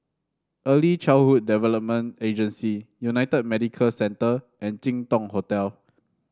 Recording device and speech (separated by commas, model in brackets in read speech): standing microphone (AKG C214), read sentence